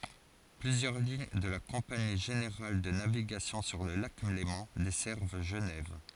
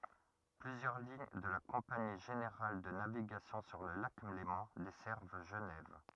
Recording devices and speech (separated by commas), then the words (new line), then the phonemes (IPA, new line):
forehead accelerometer, rigid in-ear microphone, read sentence
Plusieurs lignes de la Compagnie générale de navigation sur le lac Léman desservent Genève.
plyzjœʁ liɲ də la kɔ̃pani ʒeneʁal də naviɡasjɔ̃ syʁ lə lak lemɑ̃ dɛsɛʁv ʒənɛv